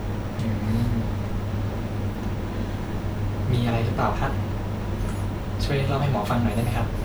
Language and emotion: Thai, neutral